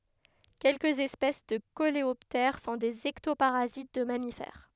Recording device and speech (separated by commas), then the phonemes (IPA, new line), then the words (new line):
headset microphone, read sentence
kɛlkəz ɛspɛs də koleɔptɛʁ sɔ̃ dez ɛktopaʁazit də mamifɛʁ
Quelques espèces de coléoptères sont des ectoparasites de mammifères.